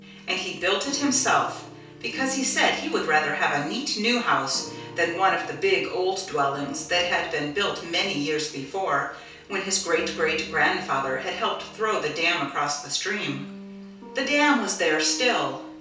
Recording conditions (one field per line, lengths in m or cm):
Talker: one person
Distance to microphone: 3.0 m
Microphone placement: far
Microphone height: 1.8 m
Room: small (3.7 m by 2.7 m)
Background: music